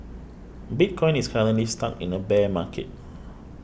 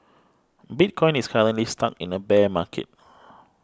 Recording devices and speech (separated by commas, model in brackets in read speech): boundary microphone (BM630), close-talking microphone (WH20), read sentence